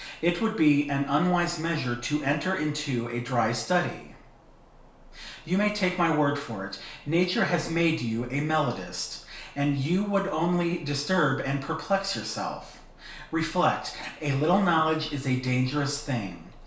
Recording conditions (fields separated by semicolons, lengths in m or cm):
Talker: one person; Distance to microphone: 1.0 m; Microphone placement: close; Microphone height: 1.1 m; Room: small (3.7 m by 2.7 m); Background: none